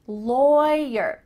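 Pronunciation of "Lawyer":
In 'lawyer', the first syllable sounds like 'loy', rhyming with 'boy', and its vowel is different from the vowel in 'law'.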